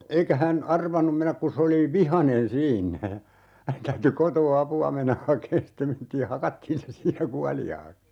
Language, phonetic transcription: Finnish, 'eikä hän , "arvanum 'menäk ku 's ‿oli "vihanen 'siinnä ja , (hänen) 'täyty "kotoo 'apu₍a mennäh 'hakeen stem mentii (ja) 'hakattiin se 'siinä "kuali₍aaks .
- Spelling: eikä hän arvannut mennä kun se oli vihainen siinä ja hänen täytyi kotoa apua mennä hakemaan sitten mentiin ja hakattiin se siinä kuoliaaksi

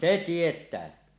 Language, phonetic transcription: Finnish, se "tiet̆tää .
- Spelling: se tietää

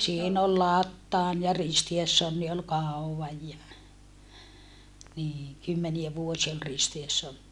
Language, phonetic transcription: Finnish, siin ‿ol Lattaan ja Ristiessonni ol kàuwvaj ja , niiŋ kymmeniä vuosia ol Ristiessonni .
- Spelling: siinä oli Plathan ja Kristiansson oli kauan ja niin kymmeniä vuosia oli Kristiansson

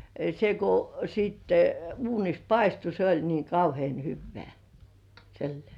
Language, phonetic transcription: Finnish, se kᵘ , sìtte 'uunis "paistu se oĺ niiŋ "kauhĭèn 'hyvvĕä̀ , sillĭè .
- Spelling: se kun sitten uunissa paistui se oli niin kauhean hyvää sillä lailla

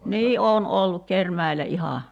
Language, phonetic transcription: Finnish, 'nii 'oon 'olluk "Kermäḙlä 'ihà .
- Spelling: niin olen ollut Kerimäellä ihan

